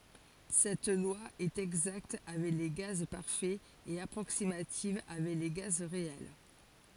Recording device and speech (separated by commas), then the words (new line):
forehead accelerometer, read sentence
Cette loi est exacte avec les gaz parfaits et approximative avec les gaz réels.